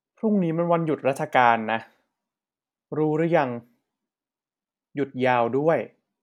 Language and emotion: Thai, neutral